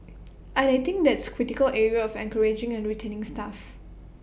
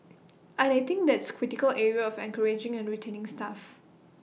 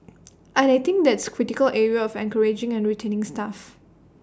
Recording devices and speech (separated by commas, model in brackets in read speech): boundary microphone (BM630), mobile phone (iPhone 6), standing microphone (AKG C214), read sentence